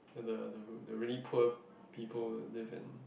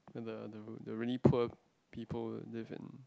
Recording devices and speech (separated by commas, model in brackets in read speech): boundary microphone, close-talking microphone, conversation in the same room